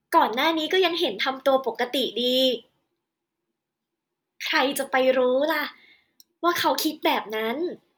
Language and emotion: Thai, happy